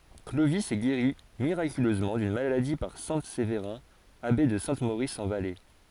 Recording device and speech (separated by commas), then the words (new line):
forehead accelerometer, read sentence
Clovis est guéri miraculeusement d'une maladie par saint Séverin, abbé de Saint-Maurice en Valais.